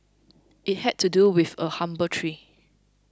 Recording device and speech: close-talking microphone (WH20), read sentence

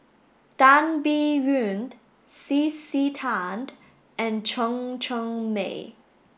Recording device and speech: boundary microphone (BM630), read sentence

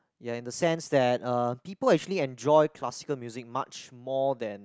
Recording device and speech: close-talking microphone, conversation in the same room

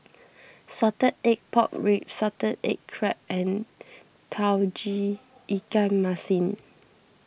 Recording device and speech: boundary microphone (BM630), read sentence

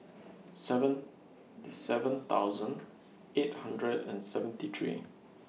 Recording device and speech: mobile phone (iPhone 6), read sentence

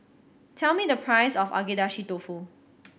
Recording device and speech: boundary microphone (BM630), read sentence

